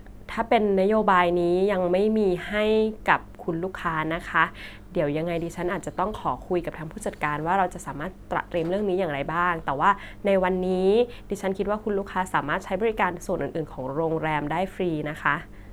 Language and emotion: Thai, neutral